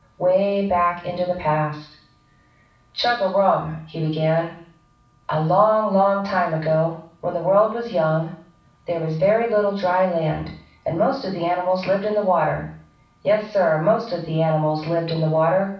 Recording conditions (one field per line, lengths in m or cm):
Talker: one person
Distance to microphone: 5.8 m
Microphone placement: far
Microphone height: 1.8 m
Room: medium-sized (5.7 m by 4.0 m)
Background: none